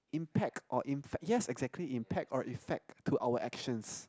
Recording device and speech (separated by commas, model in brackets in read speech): close-talking microphone, conversation in the same room